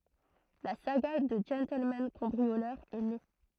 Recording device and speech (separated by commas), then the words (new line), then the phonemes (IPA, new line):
throat microphone, read sentence
La saga du gentleman-cambrioleur est née.
la saɡa dy ʒɑ̃tlmɑ̃ kɑ̃bʁiolœʁ ɛ ne